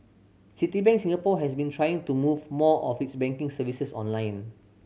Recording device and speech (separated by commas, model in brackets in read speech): mobile phone (Samsung C7100), read sentence